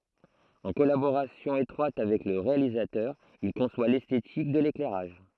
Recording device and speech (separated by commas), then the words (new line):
throat microphone, read sentence
En collaboration étroite avec le réalisateur, il conçoit l'esthétique de l'éclairage.